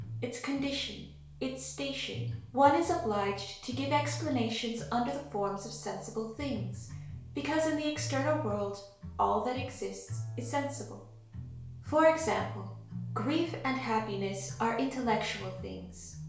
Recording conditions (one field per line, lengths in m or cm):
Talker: one person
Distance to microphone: 1.0 m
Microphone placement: close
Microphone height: 1.1 m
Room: small (3.7 m by 2.7 m)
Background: music